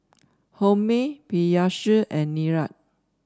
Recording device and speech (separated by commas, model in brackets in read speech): standing microphone (AKG C214), read sentence